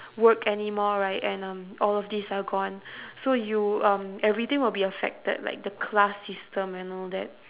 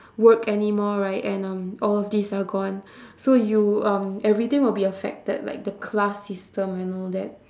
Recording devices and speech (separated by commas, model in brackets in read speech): telephone, standing microphone, conversation in separate rooms